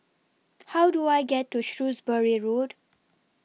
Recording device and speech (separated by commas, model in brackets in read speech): mobile phone (iPhone 6), read sentence